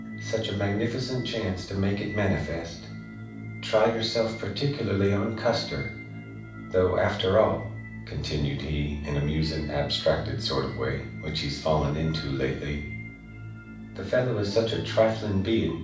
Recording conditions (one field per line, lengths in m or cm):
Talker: one person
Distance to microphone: 5.8 m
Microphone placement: far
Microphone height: 1.8 m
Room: medium-sized (5.7 m by 4.0 m)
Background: music